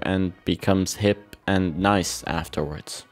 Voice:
monotone